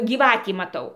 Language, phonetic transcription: Lithuanian, gyˈvatį maˈtau

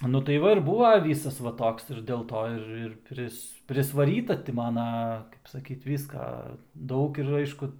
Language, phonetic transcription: Lithuanian, nu tai ˈva ir ˈbūva ˈvysas va ˈtoks ir dėlˈto ir ir ˈpris prisvaˈryta ˈti ˈmana kaip saˈkyt ˈvyska ˈdaug ir ˈaišku

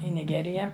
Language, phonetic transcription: Lithuanian, i niˈgerija

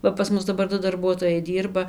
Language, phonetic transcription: Lithuanian, ˈva pas ˈmus daˈbar ˈdu darˈbuotojai ˈdyrba

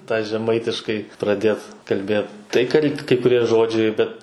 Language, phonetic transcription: Lithuanian, tą žeˈmaitiškai praˈdėt kalˈbėt tai kal' kai kuˈrie ˈžodžiai ˈbet

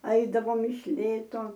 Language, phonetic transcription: Lithuanian, ˈaidavom iš ˈlėto

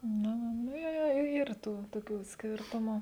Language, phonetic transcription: Lithuanian, ˈnu ˈnu nu ˈjo jo ˈyr ˈtų toˈkių ˈskėrtumu

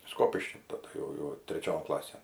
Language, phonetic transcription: Lithuanian, ˈskopišky taˈda jau jau treˈčion ˈklasėn

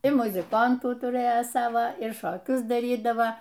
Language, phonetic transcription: Lithuanian, ir muziˈkantų tuˈrɘja ˈsava ir šoˈkius daˈrydava

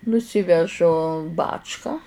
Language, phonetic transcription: Lithuanian, nuˈsyvežu ˈbačka

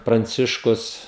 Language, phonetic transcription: Lithuanian, pranˈciškus

